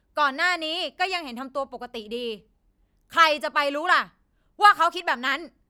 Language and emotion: Thai, angry